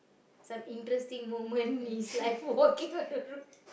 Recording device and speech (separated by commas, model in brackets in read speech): boundary microphone, conversation in the same room